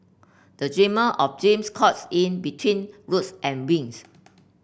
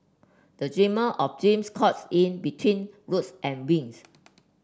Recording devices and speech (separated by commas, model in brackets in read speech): boundary microphone (BM630), standing microphone (AKG C214), read sentence